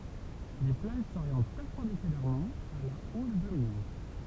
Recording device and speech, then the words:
temple vibration pickup, read sentence
Les plages s'orientent perpendiculairement à la houle dominante.

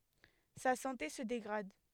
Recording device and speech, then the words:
headset microphone, read sentence
Sa santé se dégrade.

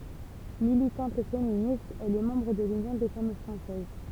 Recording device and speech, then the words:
temple vibration pickup, read sentence
Militante féministe, elle est membre de l'Union des Femmes Françaises.

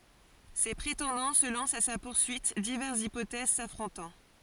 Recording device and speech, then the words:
forehead accelerometer, read sentence
Ses prétendants se lancent à sa poursuite, diverses hypothèses s'affrontant.

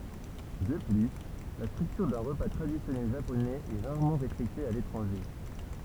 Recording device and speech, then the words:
temple vibration pickup, read sentence
De plus, la structure d'un repas traditionnel japonais est rarement respectée à l'étranger.

